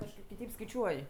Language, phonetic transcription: Lithuanian, kažˈkaip kiˈtaip skaiˈčiuoj

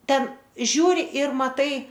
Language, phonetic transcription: Lithuanian, ˈten ˈžiūri ir maˈtai

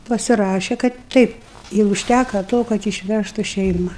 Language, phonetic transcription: Lithuanian, pasiˈraše kad ˈteip i užˈtæka ˈto kad išˈvæžtu ˈšeima

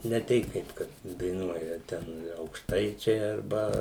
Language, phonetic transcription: Lithuanian, ne ˈtei kaip ˈkad daiˈnuoja ˈten aukšˈtaičiai arˈba

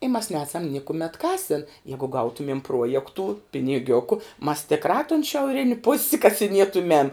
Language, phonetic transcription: Lithuanian, i mas ˈnesam ˈnikumet ˈkasin ˈjegu ˈgautumiem ˈpruojektų piniˈgiuku mas tikˈrā tun šiauˈrini pus' kasiˈnietumem

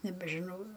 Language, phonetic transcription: Lithuanian, nebežiˈnau

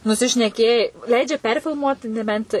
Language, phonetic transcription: Lithuanian, nusišneˈkėjai ˈleidžia ˈperfilmuot neˈbent

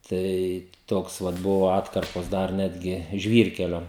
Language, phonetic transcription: Lithuanian, ˈtai ˈtoks ˈvat ˈbuvo ˈatkarpos ˈdar ˈnetgi ˈžvyrkelio

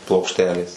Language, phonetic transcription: Lithuanian, plokšˈtelės

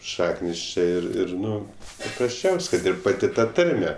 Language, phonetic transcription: Lithuanian, ˈšaknis ˈčė ˈir ˈir ˈnu paprasˈčiaus' kad ˈir paˈti ˈta ˈtarme

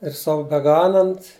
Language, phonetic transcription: Lithuanian, ir ˈsau beˈganant

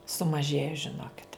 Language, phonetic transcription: Lithuanian, sumaˈžėja žiˈnokit

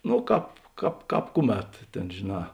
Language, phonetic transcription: Lithuanian, no ˈkāp ˈkāp ˈkāp ˈkuˌmet ˈtėn žėˈnā

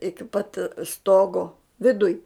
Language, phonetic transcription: Lithuanian, ˈiki pat ˈstogo viˈduj

